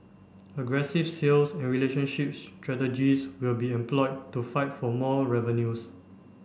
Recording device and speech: boundary microphone (BM630), read sentence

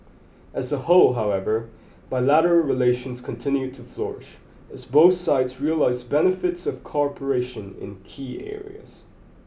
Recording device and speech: boundary microphone (BM630), read sentence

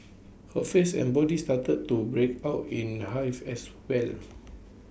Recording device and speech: boundary microphone (BM630), read sentence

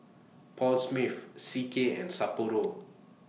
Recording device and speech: mobile phone (iPhone 6), read sentence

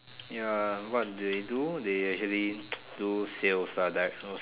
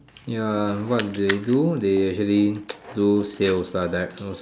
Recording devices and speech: telephone, standing microphone, conversation in separate rooms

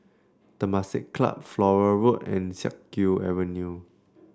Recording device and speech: standing microphone (AKG C214), read sentence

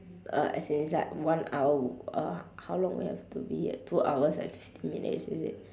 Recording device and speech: standing microphone, conversation in separate rooms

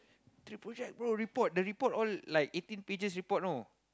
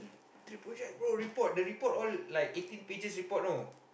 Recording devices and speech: close-talking microphone, boundary microphone, conversation in the same room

